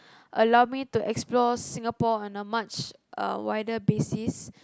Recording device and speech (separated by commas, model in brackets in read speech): close-talking microphone, conversation in the same room